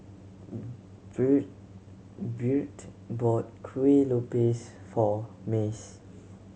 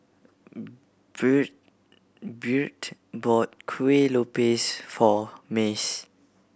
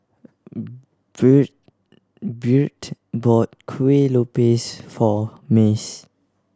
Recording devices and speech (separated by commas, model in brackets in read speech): mobile phone (Samsung C7100), boundary microphone (BM630), standing microphone (AKG C214), read sentence